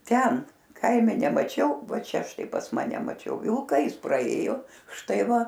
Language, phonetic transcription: Lithuanian, ˈten ˈkaime nemaˈčiau ˈva ˈčia ˈštai pas ˈmane maˈčiau ˈvilka ˈjis praˈėjo ˈštai ˈva

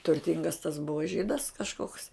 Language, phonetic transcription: Lithuanian, turˈtingas tas ˈbuvo ˈžydas kažˈkoks

